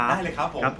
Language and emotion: Thai, happy